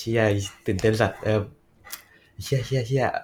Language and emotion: Thai, happy